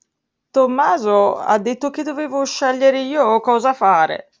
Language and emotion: Italian, sad